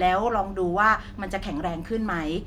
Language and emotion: Thai, neutral